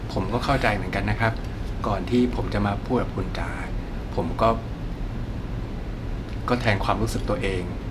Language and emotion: Thai, neutral